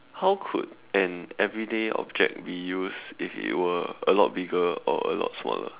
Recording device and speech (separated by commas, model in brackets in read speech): telephone, conversation in separate rooms